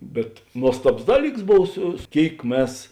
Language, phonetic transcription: Lithuanian, bet ˈnuostabos ˈdaˌlyks ˈbov ˈsu ˈkėik ˈmes

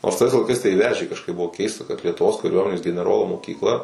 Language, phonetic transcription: Lithuanian, nors tais laiˈkais tai ˈvežė kažˈkaip ˈbuvo ˈkeista kad lietuˈvos kaˈriuomenės geneˈrolo mokykˈla

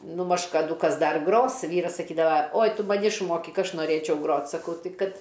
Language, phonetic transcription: Lithuanian, ˈnu maž kaˈdų ˈkas ˈdar ˈgros ˈvyras saˈkydava oj ˈtu maˈni išˈmokik ˈaš noˈrėčiau ˈgrot saˈkau ˈtai ˈkad

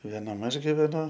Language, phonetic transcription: Lithuanian, vėˈnam ˈaš giveˈnu

